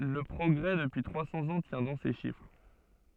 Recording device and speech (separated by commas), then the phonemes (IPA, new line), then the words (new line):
soft in-ear microphone, read sentence
lə pʁɔɡʁɛ dəpyi tʁwa sɑ̃z ɑ̃ tjɛ̃ dɑ̃ se ʃifʁ
Le progrès depuis trois cents ans tient dans ces chiffres.